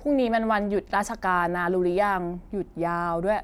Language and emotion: Thai, frustrated